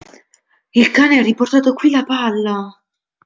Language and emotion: Italian, surprised